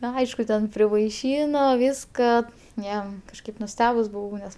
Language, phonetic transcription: Lithuanian, ˈna ˈaišku ten privaiˈšyno ˈvyska ˈjo kažˈkaip nuˈstebus buˈvau nes

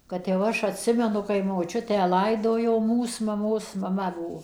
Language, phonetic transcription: Lithuanian, kad jau ˈaš atˈsimenu kai moˈčiutę ˈlaidojo ˈmūs maˈmos maˈma ˈbuvo

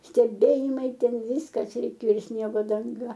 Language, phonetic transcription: Lithuanian, steˈbėjimai ˈten ˈvyskas reiˈkėo i ˈsniego danˈga

